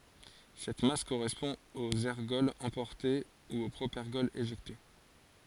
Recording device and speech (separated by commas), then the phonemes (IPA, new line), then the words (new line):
forehead accelerometer, read sentence
sɛt mas koʁɛspɔ̃ oz ɛʁɡɔlz ɑ̃pɔʁte u o pʁopɛʁɡɔl eʒɛkte
Cette masse correspond aux ergols emportés ou au propergol éjecté.